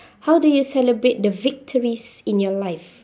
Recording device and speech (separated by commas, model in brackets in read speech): standing microphone, conversation in separate rooms